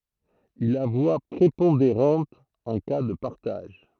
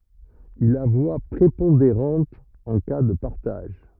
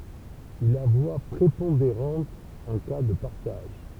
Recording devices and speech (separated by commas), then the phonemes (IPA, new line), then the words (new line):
throat microphone, rigid in-ear microphone, temple vibration pickup, read sentence
il a vwa pʁepɔ̃deʁɑ̃t ɑ̃ ka də paʁtaʒ
Il a voix prépondérante en cas de partage.